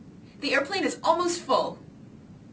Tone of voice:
happy